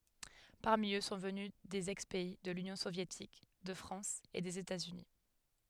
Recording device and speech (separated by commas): headset microphone, read sentence